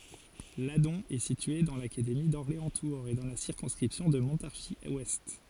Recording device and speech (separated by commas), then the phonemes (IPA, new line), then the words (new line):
forehead accelerometer, read sentence
ladɔ̃ ɛ sitye dɑ̃ lakademi dɔʁleɑ̃stuʁz e dɑ̃ la siʁkɔ̃skʁipsjɔ̃ də mɔ̃taʁʒizwɛst
Ladon est situé dans l'académie d'Orléans-Tours et dans la circonscription de Montargis-Ouest.